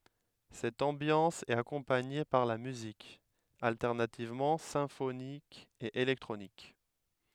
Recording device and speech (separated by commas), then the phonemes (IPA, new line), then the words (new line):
headset microphone, read sentence
sɛt ɑ̃bjɑ̃s ɛt akɔ̃paɲe paʁ la myzik altɛʁnativmɑ̃ sɛ̃fonik e elɛktʁonik
Cette ambiance est accompagnée par la musique, alternativement symphonique et électronique.